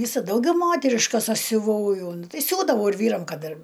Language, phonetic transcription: Lithuanian, ˈvysa ˈdaugiau ˈmoteriškas ˈaš siuˈvau ˈjo ˈnu tai ˈsiūdavau ir ˈvyram ˈkad ir

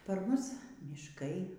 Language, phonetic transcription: Lithuanian, par ˈmus myšˈkai

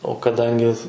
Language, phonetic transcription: Lithuanian, o kaˈdangi

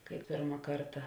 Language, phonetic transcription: Lithuanian, kai ˈpirma ˈkarta

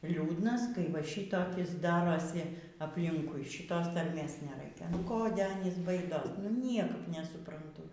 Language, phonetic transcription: Lithuanian, ˈliūdnas kai va ˈšytokis ˈdarosi apˈlinkui šiˈtos tarˈmės neˈraikia nu ˈkode ˈanys ˈbaidos nu ˈniekap nesupranˈtu

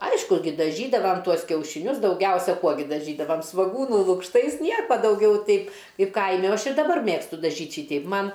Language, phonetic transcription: Lithuanian, ˈaišku ˈgi daˈžydavam ˈtuos kiaušiˈnius dauˈgiausia ˈkuo gi daˈžydavam svoˈgūnų lukšˈtais ˈnieko dauˈgiau ˈtaip ˈkaip ˈkaimi o ˈaš ir daˈbar ˈmėgstu daˈžyt' ˈšyteip ˈman

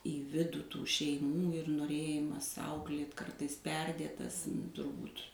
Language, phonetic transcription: Lithuanian, į ˈvidų ˈtų šeiˈmų ir noˈrėjimas ˈauklėt ˈkartais ˈperdėtas turˈbūt

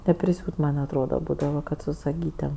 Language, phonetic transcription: Lithuanian, nepriˈsiūt man' atˈroda ˈbūdava ˈkad su saˈgytėm

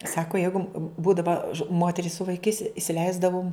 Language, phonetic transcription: Lithuanian, ˈsako ˈjeigu ˈbūdava ˈmoteris su vaiˈkais isiˈleisdavum

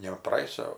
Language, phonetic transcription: Lithuanian, ne praˈėjusio

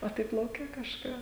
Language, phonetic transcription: Lithuanian, o ˈtaip lauˈke kažˈką

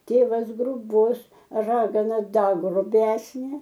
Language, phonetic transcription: Lithuanian, ˈtėvas gruˈbus ˈragana ˈda gruˈbesnė

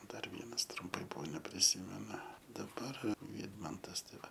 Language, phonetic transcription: Lithuanian, ˈdar ˈvienas trumˈpai ˈbuvo nepriˈsymenu daˈbar ˈvydmantas ˈtai ˈva

